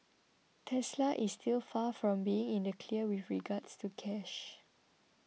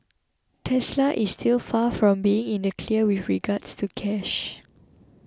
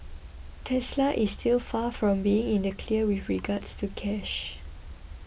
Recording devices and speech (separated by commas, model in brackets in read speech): mobile phone (iPhone 6), close-talking microphone (WH20), boundary microphone (BM630), read sentence